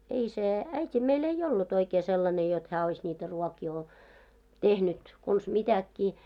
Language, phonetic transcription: Finnish, ei 'se , 'äit́i meil ei 'ollut oikee sellane jot 'hää ois ńiitä ruɔkii o- , 'tehnyt , kons 'mitäkkii .
- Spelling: ei se äiti meillä ei ollut oikein sellainen jotta hän olisi niitä ruokia - tehnyt konsa mitäkin

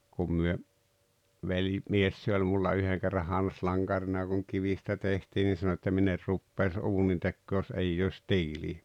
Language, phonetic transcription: Finnish, kum myö , 'veli- , -'mies se oĺ mulla 'yheŋ kerra 'han̬s'laŋGarina kuŋ 'kivistä 'tehtii ni sano että » 'min ‿er 'ruppèis 'uunintekkoo jos 'eijj ‿òⁱs "tiilii « .
- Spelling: kun me - velimies se oli minulla yhden kerran hanslankarina kun kivistä tehtiin niin sanoi että minä en rupeaisi uunintekoon jos ei olisi tiiliä

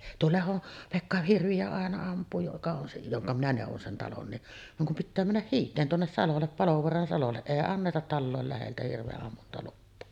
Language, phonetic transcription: Finnish, tuo 'lehon , 'Pekka 'hirvi₍ä àena amp̆puu joka on se , 'joŋka minä nèuvon sen 'talon ni’ , vaŋ kum pittää männäh "hiit̀een tuonnes 'salollep "Palovoaran salolle , 'èi annetat "tallòel läheltä hirve’’ammuntaluppoo .
- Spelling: tuo Lehdon Pekka hirviä aina ampuu joka on se jonka minä neuvoin sen talon niin vaan kun pitää mennä hiiteen tuonne salolle Palovaaran salolle ei anneta talojen läheltä hirvenammuntalupaa

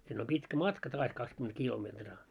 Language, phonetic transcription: Finnish, sinn ‿om 'pitkä "matka 'taas 'kakskyment 'kilometraa .
- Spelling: sinne on pitkä matka taas kaksikymmentä kilometriä

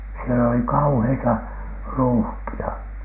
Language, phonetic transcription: Finnish, siel ‿oli "kauheita , "ruuhki₍a .
- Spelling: siellä oli kauheita ruuhkia

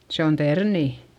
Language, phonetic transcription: Finnish, se on ternì .
- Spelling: se on terniä

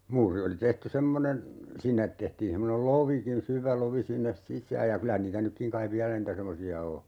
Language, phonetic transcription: Finnish, 'muuri oli 'tehty 'semmonen , "sinnet tehtiin 'semmonel "lovikin 'syvä 'lovi 'sinnes "sis̀ääj ja 'kylä niitä 'nykkiŋ kaiv "viälä niitä 'semmosi₍a 'o .
- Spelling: muuri oli tehty semmoinen sinne tehtiin semmoinen lovikin syvä lovi sinne sisään ja kyllä niitä nytkin kai vielä niitä semmoisia on

